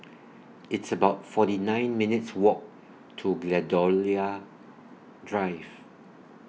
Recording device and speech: mobile phone (iPhone 6), read sentence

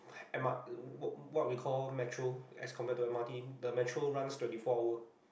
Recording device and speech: boundary microphone, conversation in the same room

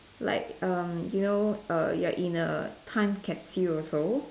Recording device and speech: standing microphone, conversation in separate rooms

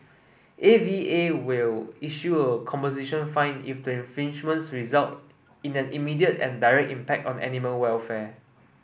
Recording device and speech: boundary microphone (BM630), read sentence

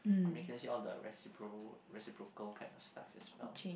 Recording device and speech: boundary microphone, conversation in the same room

